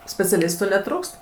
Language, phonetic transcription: Lithuanian, speciaˈlistu neˈtrūkst

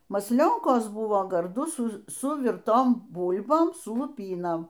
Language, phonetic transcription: Lithuanian, masˈlionkos ˈbuvo garˈdu ˈsu suˈvirtom ˈbūl'bom su luˈpynom

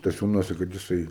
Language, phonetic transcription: Lithuanian, staˈsiūnuose kad jiˈsai

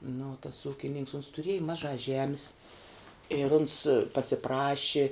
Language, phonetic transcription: Lithuanian, nu tas ˈūkininks uns tuˈrieji ˈmažā ˈžemis ir uns pasiˈpraši

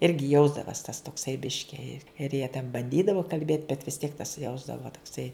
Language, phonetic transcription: Lithuanian, ˈirgi ˈjausdavas tas tokˈsai ˈbiški i ir jie ten banˈdydavo kalˈbėt bet vis tiek tas ˈjausdavo tokˈsai

